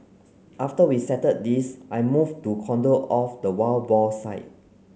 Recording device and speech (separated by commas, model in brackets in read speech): mobile phone (Samsung C9), read sentence